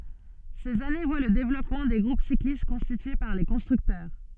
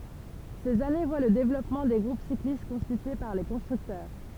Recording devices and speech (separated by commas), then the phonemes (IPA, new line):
soft in-ear microphone, temple vibration pickup, read sentence
sez ane vwa lə devlɔpmɑ̃ de ɡʁup siklist kɔ̃stitye paʁ le kɔ̃stʁyktœʁ